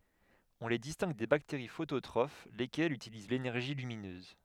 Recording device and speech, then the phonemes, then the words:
headset microphone, read sentence
ɔ̃ le distɛ̃ɡ de bakteʁi fototʁof lekɛlz ytiliz lenɛʁʒi lyminøz
On les distingue des bactéries phototrophes, lesquelles utilisent l'énergie lumineuse.

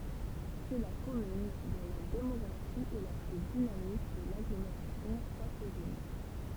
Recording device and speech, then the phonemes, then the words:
temple vibration pickup, read sentence
sɛ la kɔmyn dɔ̃ la demɔɡʁafi ɛ la ply dinamik də laɡlomeʁasjɔ̃ pwatvin
C’est la commune dont la démographie est la plus dynamique de l’agglomération poitevine.

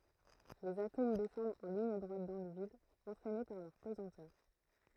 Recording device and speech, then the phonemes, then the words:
throat microphone, read sentence
lez atom dɛsɑ̃dt ɑ̃ liɲ dʁwat dɑ̃ lə vid ɑ̃tʁɛne paʁ lœʁ pəzɑ̃tœʁ
Les atomes descendent en ligne droite dans le vide, entraînés par leur pesanteur.

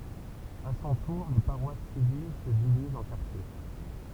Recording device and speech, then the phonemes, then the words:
temple vibration pickup, read sentence
a sɔ̃ tuʁ le paʁwas sivil sə divizt ɑ̃ kaʁtje
À son tour les paroisses civiles se divisent en quartiers.

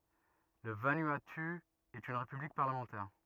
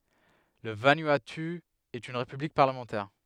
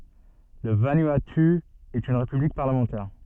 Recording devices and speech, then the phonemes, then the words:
rigid in-ear microphone, headset microphone, soft in-ear microphone, read sentence
lə vanuatu ɛt yn ʁepyblik paʁləmɑ̃tɛʁ
Le Vanuatu est une république parlementaire.

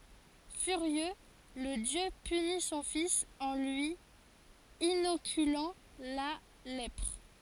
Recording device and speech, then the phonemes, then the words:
forehead accelerometer, read sentence
fyʁjø lə djø pyni sɔ̃ fis ɑ̃ lyi inokylɑ̃ la lɛpʁ
Furieux, le dieu punit son fils en lui inoculant la lèpre.

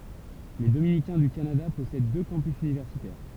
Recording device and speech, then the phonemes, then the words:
temple vibration pickup, read sentence
le dominikɛ̃ dy kanada pɔsɛd dø kɑ̃pys ynivɛʁsitɛʁ
Les dominicains du Canada possèdent deux campus universitaires.

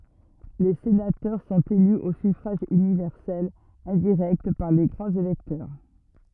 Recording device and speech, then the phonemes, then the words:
rigid in-ear microphone, read sentence
le senatœʁ sɔ̃t ely o syfʁaʒ ynivɛʁsɛl ɛ̃diʁɛkt paʁ le ɡʁɑ̃z elɛktœʁ
Les sénateurs sont élus au suffrage universel indirect par les grands électeurs.

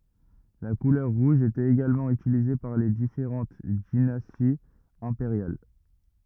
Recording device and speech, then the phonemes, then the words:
rigid in-ear microphone, read sentence
la kulœʁ ʁuʒ etɛt eɡalmɑ̃ ytilize paʁ le difeʁɑ̃t dinastiz ɛ̃peʁjal
La couleur rouge était également utilisée par les différentes dynasties impériales.

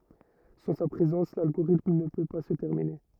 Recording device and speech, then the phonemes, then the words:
rigid in-ear microphone, read sentence
sɑ̃ sa pʁezɑ̃s lalɡoʁitm nə pø pa sə tɛʁmine
Sans sa présence, l'algorithme ne peut pas se terminer.

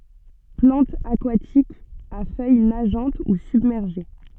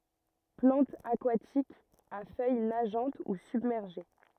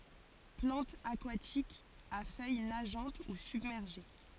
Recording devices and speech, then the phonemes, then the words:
soft in-ear microphone, rigid in-ear microphone, forehead accelerometer, read sentence
plɑ̃tz akwatikz a fœj naʒɑ̃t u sybmɛʁʒe
Plantes aquatiques, à feuilles nageantes ou submergées.

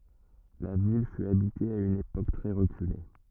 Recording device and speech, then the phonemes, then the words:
rigid in-ear microphone, read sentence
la vil fy abite a yn epok tʁɛ ʁəkyle
La ville fut habitée à une époque très reculée.

